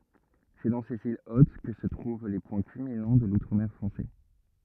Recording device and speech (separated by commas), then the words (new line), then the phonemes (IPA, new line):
rigid in-ear microphone, read sentence
C'est dans ces îles hautes que se trouvent les points culminants de l'Outre-mer français.
sɛ dɑ̃ sez il ot kə sə tʁuv le pwɛ̃ kylminɑ̃ də lutʁ mɛʁ fʁɑ̃sɛ